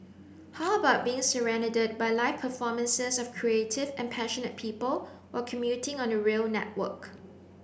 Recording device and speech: boundary microphone (BM630), read sentence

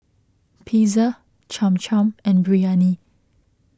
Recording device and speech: close-talking microphone (WH20), read sentence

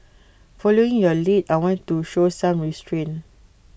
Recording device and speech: boundary microphone (BM630), read sentence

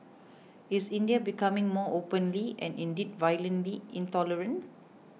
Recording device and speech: mobile phone (iPhone 6), read sentence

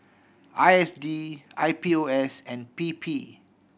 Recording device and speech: boundary microphone (BM630), read sentence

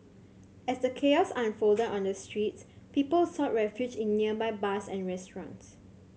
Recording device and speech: mobile phone (Samsung C7100), read sentence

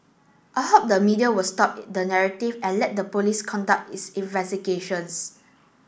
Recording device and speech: boundary microphone (BM630), read sentence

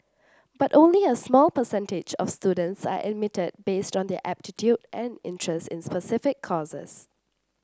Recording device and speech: standing microphone (AKG C214), read sentence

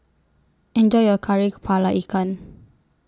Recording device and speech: standing microphone (AKG C214), read sentence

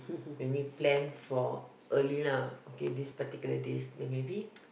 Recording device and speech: boundary microphone, conversation in the same room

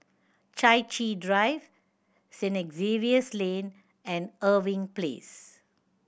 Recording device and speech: boundary microphone (BM630), read sentence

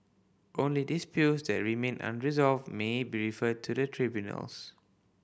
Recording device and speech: boundary microphone (BM630), read sentence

